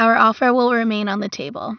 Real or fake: real